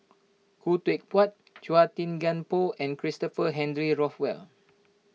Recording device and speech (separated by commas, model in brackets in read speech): mobile phone (iPhone 6), read sentence